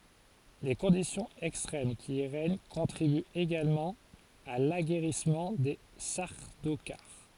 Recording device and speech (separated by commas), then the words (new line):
forehead accelerometer, read sentence
Les conditions extrêmes qui y règnent contribuent également à l’aguerrissement des Sardaukars.